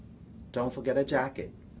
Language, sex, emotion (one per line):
English
male
neutral